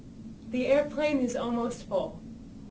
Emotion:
neutral